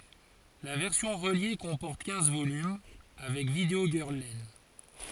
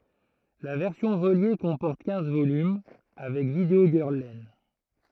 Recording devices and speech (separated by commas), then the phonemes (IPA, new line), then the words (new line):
forehead accelerometer, throat microphone, read sentence
la vɛʁsjɔ̃ ʁəlje kɔ̃pɔʁt kɛ̃z volym avɛk vidəo ɡœʁl lɛn
La version reliée comporte quinze volumes, avec Video Girl Len.